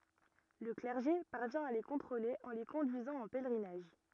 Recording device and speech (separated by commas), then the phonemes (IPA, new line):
rigid in-ear microphone, read sentence
lə klɛʁʒe paʁvjɛ̃ a le kɔ̃tʁole ɑ̃ le kɔ̃dyizɑ̃ ɑ̃ pɛlʁinaʒ